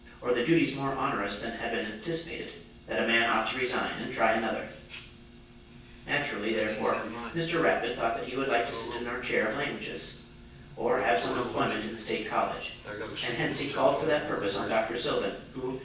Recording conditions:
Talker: one person; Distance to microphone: 9.8 m; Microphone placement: far; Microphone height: 1.8 m; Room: large; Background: television

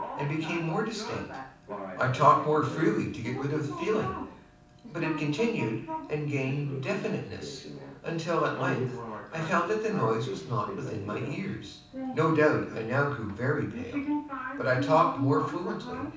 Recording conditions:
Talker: one person; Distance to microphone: 5.8 m; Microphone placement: far; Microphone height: 1.8 m; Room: medium-sized (5.7 m by 4.0 m); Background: television

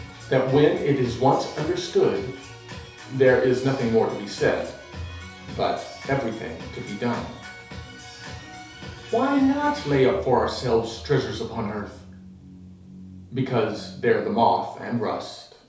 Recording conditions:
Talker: one person; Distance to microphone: 3.0 m; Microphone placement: far; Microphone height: 1.8 m; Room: small (3.7 m by 2.7 m); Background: music

